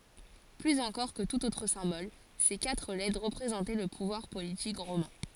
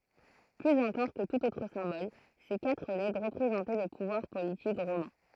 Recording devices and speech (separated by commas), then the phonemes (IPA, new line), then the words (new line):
forehead accelerometer, throat microphone, read sentence
plyz ɑ̃kɔʁ kə tut otʁ sɛ̃bɔl se katʁ lɛtʁ ʁəpʁezɑ̃tɛ lə puvwaʁ politik ʁomɛ̃
Plus encore que tout autre symbole, ces quatre lettres représentaient le pouvoir politique romain.